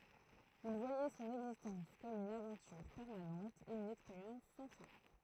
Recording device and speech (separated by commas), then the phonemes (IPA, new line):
throat microphone, read sentence
il vwajɛ sɔ̃n ɛɡzistɑ̃s kɔm yn avɑ̃tyʁ pɛʁmanɑ̃t e yn ɛkspeʁjɑ̃s sɑ̃ fɛ̃